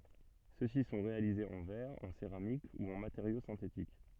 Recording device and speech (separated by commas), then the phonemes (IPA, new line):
soft in-ear microphone, read sentence
søksi sɔ̃ ʁealizez ɑ̃ vɛʁ ɑ̃ seʁamik u ɑ̃ mateʁjo sɛ̃tetik